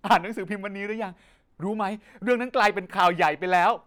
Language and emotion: Thai, happy